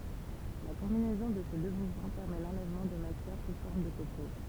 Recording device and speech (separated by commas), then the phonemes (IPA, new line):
temple vibration pickup, read sentence
la kɔ̃binɛzɔ̃ də se dø muvmɑ̃ pɛʁmɛ lɑ̃lɛvmɑ̃ də matjɛʁ su fɔʁm də kopo